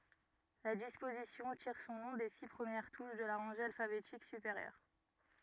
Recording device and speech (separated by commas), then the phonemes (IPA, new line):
rigid in-ear microphone, read sentence
la dispozisjɔ̃ tiʁ sɔ̃ nɔ̃ de si pʁəmjɛʁ tuʃ də la ʁɑ̃ʒe alfabetik sypeʁjœʁ